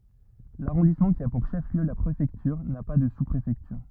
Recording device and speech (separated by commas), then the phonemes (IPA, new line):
rigid in-ear microphone, read sentence
laʁɔ̃dismɑ̃ ki a puʁ ʃəfliø la pʁefɛktyʁ na pa də suspʁefɛktyʁ